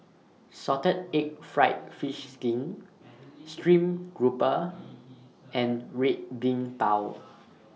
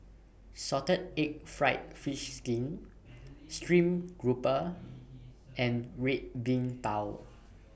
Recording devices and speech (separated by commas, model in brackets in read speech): mobile phone (iPhone 6), boundary microphone (BM630), read sentence